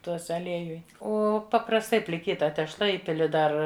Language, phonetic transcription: Lithuanian, ˈtuose aˈliejuj ˈo paprasˈtai pliˈkyta tešˈla ˈįpili ˈdar

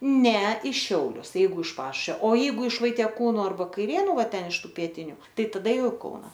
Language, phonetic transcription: Lithuanian, ˈne i ˈšiaulius ˈjeigu iš ˈpašušvio o ˈjeigu iš vaitieˈkūnu ˈarba kaiˈrėnu ˈva ˈten iš ˈtų pieˈtiniu ˈtai taˈda ˈjau i ˈkauna

